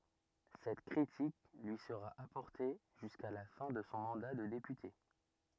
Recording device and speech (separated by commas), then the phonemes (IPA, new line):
rigid in-ear microphone, read sentence
sɛt kʁitik lyi səʁa apɔʁte ʒyska la fɛ̃ də sɔ̃ mɑ̃da də depyte